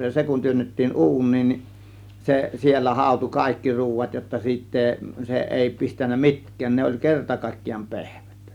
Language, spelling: Finnish, ja se kun työnnettiin uuniin niin se siellä hautui kaikki ruuat jotta siitä ei se ei pistänyt mitkään ne oli kerta kaikkiaan pehmyttä
- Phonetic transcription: ja 'se kun työnnettiin "u̬un̆niin nin , 'se siellä 'hàȯtu "kàėkki 'ruuvat jotta siitt ‿eeⁱ , se 'ˀèi pistän̆nä 'mi̬tk̆kään 'ne oĺ "kerta kàėkkijaam "pe̬hmYt(tÄ) .

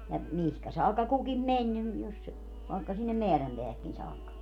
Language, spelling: Finnish, ja mihin saakka kukin meni niin jos - vaikka sinne määränpäähänkin saakka
- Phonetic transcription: ja , 'mihkä saakka 'kukim "meń nim , jos si- , vàekka sinnem "meärämpeähäkkin 'saakka .

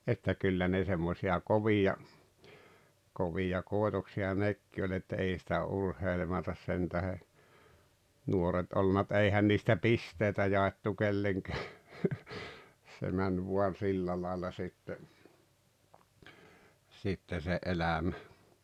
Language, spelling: Finnish, että kyllä ne semmoisia kovia kovia koitoksia nekin oli että ei sitä urheilematta sen tähden nuoret ollut mutta ei eihän niistä pisteitä jaettu kenellekään se meni vain sillä lailla sitten sitten se elämä
- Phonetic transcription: että 'kyllä ne semmosi₍a "kovija , 'kovija "kòetoksi₍a 'nekki oĺ ‿että 'ei sⁱtä 'urheilematas sentähe , 'nuoret oˡˡᵘⁿⁿᵃ ᵐᵘt 'ei 'eihän niistä "pistèitä jaettu 'keileŋkeä , se 'män vuan 'sillä làella sitte , sitte se '’elämä .

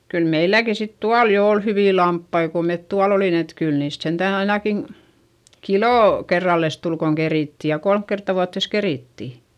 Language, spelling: Finnish, kyllä meilläkin sitten tuolla jo oli hyviä lampaita kun me tuolla olimme että kyllä niistä sentään ainakin kilo kerrallensa tuli kun kerittiin ja kolme kertaa vuoteensa kerittiin
- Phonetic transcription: kyl meilläki sit tual jo ol hyvì lamppai ko met tual ‿olin ‿et kyl niist sentä̀n ‿ainakin̬ , kilò , kerralles tul koŋ kerìtti - ja kolmk kertta vuattès kerìtti .

